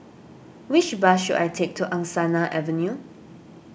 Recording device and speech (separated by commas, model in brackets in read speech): boundary microphone (BM630), read sentence